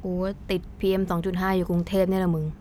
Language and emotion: Thai, frustrated